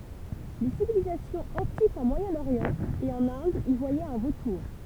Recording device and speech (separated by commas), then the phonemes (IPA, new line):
temple vibration pickup, read sentence
le sivilizasjɔ̃z ɑ̃tikz ɑ̃ mwajɛ̃oʁjɑ̃ e ɑ̃n ɛ̃d i vwajɛt œ̃ votuʁ